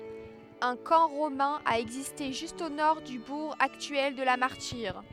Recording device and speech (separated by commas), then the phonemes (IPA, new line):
headset microphone, read sentence
œ̃ kɑ̃ ʁomɛ̃ a ɛɡziste ʒyst o nɔʁ dy buʁ aktyɛl də la maʁtiʁ